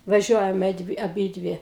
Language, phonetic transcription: Lithuanian, vaˈžiuojame ˈdvi aˈbydvi

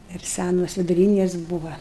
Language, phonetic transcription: Lithuanian, dar ˈsænos viduˈrynės ˈbūva

